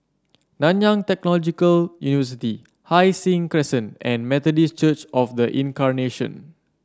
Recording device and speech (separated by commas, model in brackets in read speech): standing microphone (AKG C214), read sentence